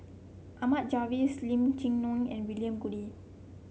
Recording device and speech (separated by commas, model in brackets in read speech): mobile phone (Samsung C7), read sentence